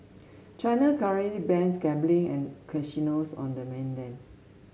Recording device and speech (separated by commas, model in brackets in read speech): mobile phone (Samsung S8), read sentence